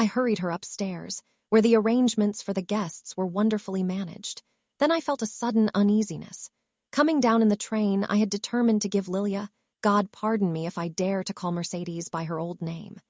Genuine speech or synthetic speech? synthetic